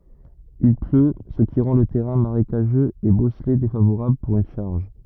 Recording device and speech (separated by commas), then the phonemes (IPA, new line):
rigid in-ear microphone, read sentence
il plø sə ki ʁɑ̃ lə tɛʁɛ̃ maʁekaʒøz e bɔsle defavoʁabl puʁ yn ʃaʁʒ